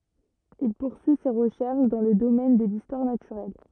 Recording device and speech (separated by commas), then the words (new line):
rigid in-ear microphone, read sentence
Il poursuit ses recherches dans le domaine de l'histoire naturelle.